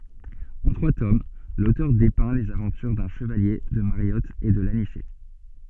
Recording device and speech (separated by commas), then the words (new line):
soft in-ear microphone, read sentence
En trois tomes, l'auteur dépeint les aventures d'un Chevalier, de Mariotte et de l'Anicet.